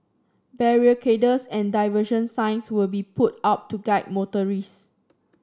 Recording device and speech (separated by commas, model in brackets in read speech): standing microphone (AKG C214), read sentence